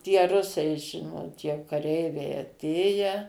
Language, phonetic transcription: Lithuanian, tie ˈrusai ˈžinot jau kaˈreiviai aˈtėje

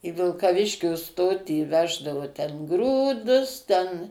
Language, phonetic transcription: Lithuanian, i vilkaˈviškiu ˈstotį ˈveždavu ten ˈgrūdus ten

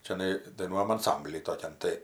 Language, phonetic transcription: Lithuanian, čiaˈnai daiˈnuojam anˈsambly toˈkian tai

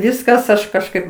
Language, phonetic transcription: Lithuanian, ˈviskas ˈaš kažˈkaip

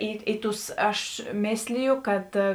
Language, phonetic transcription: Lithuanian, ˈį į ˈtus ˈaš ˈmėsliju ˈkad

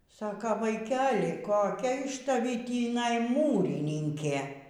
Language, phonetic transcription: Lithuanian, ˈsaka vaikeli koˈkia iš taˈvį tįˈnai ˈmūrininkė

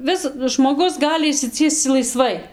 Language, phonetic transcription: Lithuanian, ˈvisadu žmoˈgus ˈgali išsiˈciesc laiˈsvai

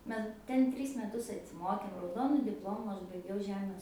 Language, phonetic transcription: Lithuanian, ˈme ˈten ˈtrys meˈtus atsiˈmokėm rauˈdonu dipˈlomu ˈaš baiˈgiau ˈžemės

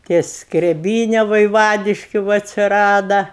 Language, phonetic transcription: Lithuanian, ˈtie skreˈbyne vaiˈvadiškiu ˈva atsiˈrada

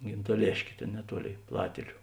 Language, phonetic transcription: Lithuanian, gintaˈlėškė ˈtėn neˈtuoˌlėi ˈplatėliu

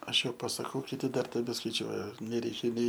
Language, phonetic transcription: Lithuanian, ˈaš ˈjau pasaˈkau kiˈti ˈdar tebeskaiˈčiuoja neˈreikia nei

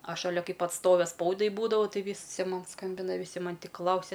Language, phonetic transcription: Lithuanian, ˈ aš šaˈlia ˈ kaip atˈstove ˈspaudai ˈbūdavau ˈtai ˈvysi ˈman ˈskambina viˈsi ˈman' tik ˈklausia

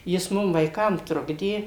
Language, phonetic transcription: Lithuanian, jis ˈmum vaiˈkam ˈtrukdė

